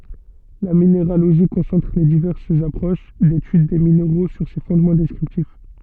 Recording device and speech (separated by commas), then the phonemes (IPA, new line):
soft in-ear microphone, read sentence
la mineʁaloʒi kɔ̃sɑ̃tʁ le divɛʁsz apʁoʃ detyd de mineʁo syʁ se fɔ̃dmɑ̃ dɛskʁiptif